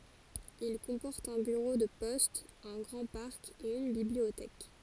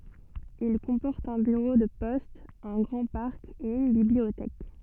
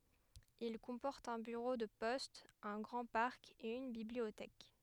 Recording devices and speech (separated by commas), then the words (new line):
forehead accelerometer, soft in-ear microphone, headset microphone, read sentence
Il comporte un bureau de poste, un grand parc et une bibliothèque.